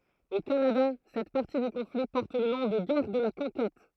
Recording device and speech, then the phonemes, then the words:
throat microphone, read sentence
o kanada sɛt paʁti dy kɔ̃fli pɔʁt lə nɔ̃ də ɡɛʁ də la kɔ̃kɛt
Au Canada, cette partie du conflit porte le nom de Guerre de la Conquête.

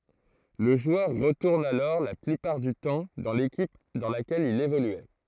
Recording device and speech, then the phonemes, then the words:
throat microphone, read sentence
lə ʒwœʁ ʁətuʁn alɔʁ la plypaʁ dy tɑ̃ dɑ̃ lekip dɑ̃ lakɛl il evolyɛ
Le joueur retourne alors la plupart du temps dans l’équipe dans laquelle il évoluait.

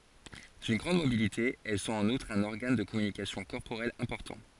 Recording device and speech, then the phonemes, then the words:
forehead accelerometer, read sentence
dyn ɡʁɑ̃d mobilite ɛl sɔ̃t ɑ̃n utʁ œ̃n ɔʁɡan də kɔmynikasjɔ̃ kɔʁpoʁɛl ɛ̃pɔʁtɑ̃
D’une grande mobilité, elles sont en outre un organe de communication corporelle important.

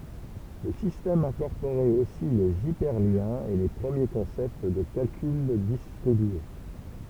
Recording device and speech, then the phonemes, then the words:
temple vibration pickup, read sentence
lə sistɛm ɛ̃kɔʁpoʁɛt osi lez ipɛʁljɛ̃z e le pʁəmje kɔ̃sɛpt də kalkyl distʁibye
Le système incorporait aussi les hyperliens et les premiers concepts de calcul distribué.

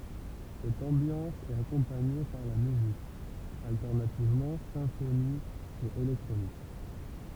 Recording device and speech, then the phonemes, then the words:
temple vibration pickup, read sentence
sɛt ɑ̃bjɑ̃s ɛt akɔ̃paɲe paʁ la myzik altɛʁnativmɑ̃ sɛ̃fonik e elɛktʁonik
Cette ambiance est accompagnée par la musique, alternativement symphonique et électronique.

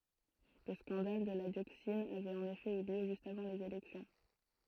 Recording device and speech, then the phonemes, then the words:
throat microphone, read sentence
lə skɑ̃dal də la djoksin avɛt ɑ̃n efɛ y ljø ʒyst avɑ̃ lez elɛksjɔ̃
Le scandale de la dioxine avait en effet eu lieu juste avant les élections.

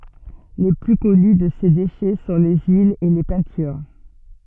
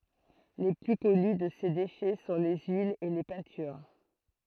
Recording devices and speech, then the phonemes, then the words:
soft in-ear microphone, throat microphone, read sentence
le ply kɔny də se deʃɛ sɔ̃ le yilz e le pɛ̃tyʁ
Les plus connus de ces déchets sont les huiles et les peintures.

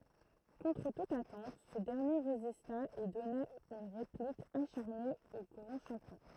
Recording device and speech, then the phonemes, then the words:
throat microphone, read sentence
kɔ̃tʁ tut atɑ̃t sə dɛʁnje ʁezista e dɔna yn ʁeplik aʃaʁne o ɡʁɑ̃ ʃɑ̃pjɔ̃
Contre toute attente, ce dernier résista et donna une réplique acharnée au grand champion.

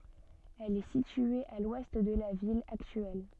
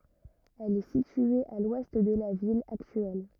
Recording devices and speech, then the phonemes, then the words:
soft in-ear microphone, rigid in-ear microphone, read sentence
ɛl ɛ sitye a lwɛst də la vil aktyɛl
Elle est située à l'ouest de la ville actuelle.

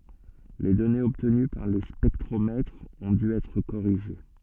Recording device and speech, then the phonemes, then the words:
soft in-ear microphone, read sentence
le dɔnez ɔbtəny paʁ le spɛktʁomɛtʁz ɔ̃ dy ɛtʁ koʁiʒe
Les données obtenues par les spectromètres ont dû être corrigées.

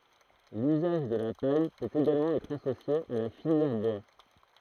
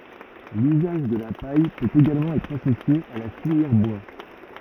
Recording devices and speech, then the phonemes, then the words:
throat microphone, rigid in-ear microphone, read sentence
lyzaʒ də la paj pøt eɡalmɑ̃ ɛtʁ asosje a la filjɛʁ bwa
L’usage de la paille peut également être associé à la filière bois.

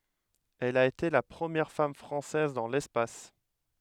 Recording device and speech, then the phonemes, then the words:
headset microphone, read sentence
ɛl a ete la pʁəmjɛʁ fam fʁɑ̃sɛz dɑ̃ lɛspas
Elle a été la première femme française dans l'espace.

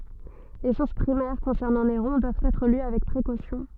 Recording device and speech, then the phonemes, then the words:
soft in-ear microphone, read sentence
le suʁs pʁimɛʁ kɔ̃sɛʁnɑ̃ neʁɔ̃ dwavt ɛtʁ ly avɛk pʁekosjɔ̃
Les sources primaires concernant Néron doivent être lues avec précaution.

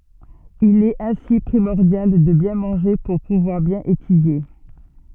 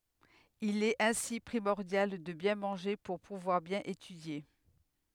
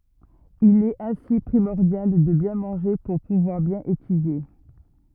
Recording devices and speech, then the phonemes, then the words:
soft in-ear microphone, headset microphone, rigid in-ear microphone, read sentence
il ɛt ɛ̃si pʁimɔʁdjal də bjɛ̃ mɑ̃ʒe puʁ puvwaʁ bjɛ̃n etydje
Il est ainsi primordial de bien manger pour pouvoir bien étudier.

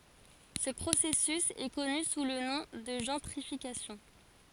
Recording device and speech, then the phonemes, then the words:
forehead accelerometer, read sentence
sə pʁosɛsys ɛ kɔny su lə nɔ̃ də ʒɑ̃tʁifikasjɔ̃
Ce processus est connu sous le nom de gentrification.

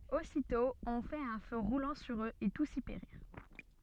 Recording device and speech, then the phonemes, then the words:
soft in-ear microphone, read sentence
ositɔ̃ ɔ̃ fɛt œ̃ fø ʁulɑ̃ syʁ øz e tus i peʁiʁ
Aussitôt on fait un feu roulant sur eux et tous y périrent.

